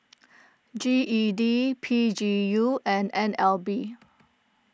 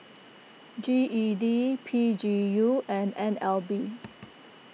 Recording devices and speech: close-talking microphone (WH20), mobile phone (iPhone 6), read sentence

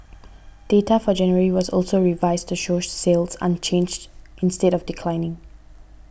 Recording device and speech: boundary microphone (BM630), read sentence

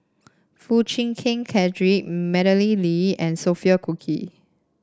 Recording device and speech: standing microphone (AKG C214), read sentence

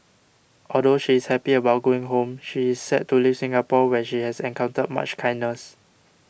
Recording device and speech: boundary microphone (BM630), read sentence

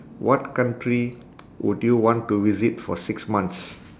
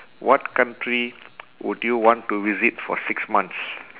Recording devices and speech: standing microphone, telephone, conversation in separate rooms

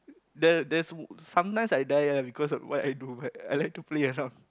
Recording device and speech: close-talking microphone, conversation in the same room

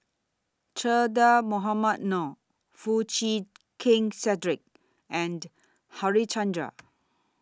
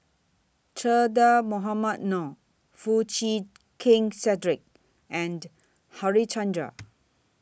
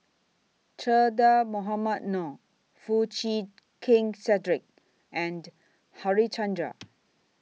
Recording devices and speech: standing microphone (AKG C214), boundary microphone (BM630), mobile phone (iPhone 6), read sentence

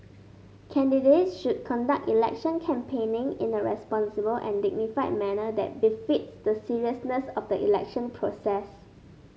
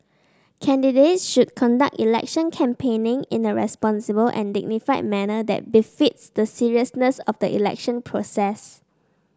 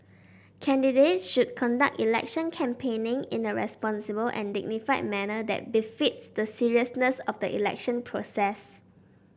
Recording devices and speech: mobile phone (Samsung S8), standing microphone (AKG C214), boundary microphone (BM630), read sentence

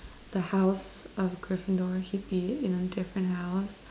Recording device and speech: standing microphone, conversation in separate rooms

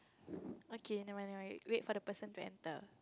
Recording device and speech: close-talking microphone, conversation in the same room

